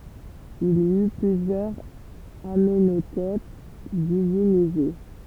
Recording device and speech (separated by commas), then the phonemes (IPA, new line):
temple vibration pickup, read sentence
il i y plyzjœʁz amɑ̃notɛp divinize